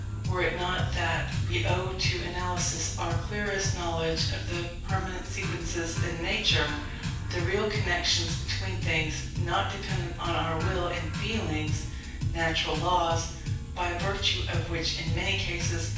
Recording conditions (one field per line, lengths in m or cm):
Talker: one person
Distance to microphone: 9.8 m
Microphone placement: far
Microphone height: 1.8 m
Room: large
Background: music